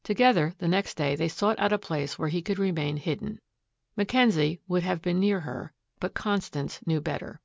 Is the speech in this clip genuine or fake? genuine